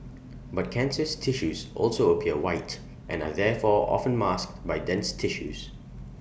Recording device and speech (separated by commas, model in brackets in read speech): boundary microphone (BM630), read sentence